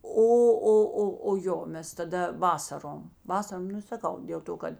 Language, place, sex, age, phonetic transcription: Lithuanian, Žemaitija, female, 60+, ˈo ˈo ˈo o ˈjo ˈmes taˈda ˈvasarom ˈvasarom ˈnu saˈkau dėl ˈto kad

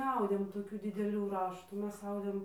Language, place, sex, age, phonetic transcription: Lithuanian, Dzūkija, female, 18-60, neˈaudėm toˈkių dideˈlių ˈraštų ˈmes ˈaudėm

